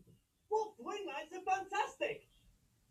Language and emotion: English, happy